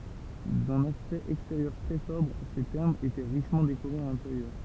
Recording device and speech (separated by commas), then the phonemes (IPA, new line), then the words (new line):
temple vibration pickup, read sentence
dœ̃n aspɛkt ɛksteʁjœʁ tʁɛ sɔbʁ se tɛʁmz etɛ ʁiʃmɑ̃ dekoʁez a lɛ̃teʁjœʁ
D’un aspect extérieur très sobre, ces thermes étaient richement décorés à l’intérieur.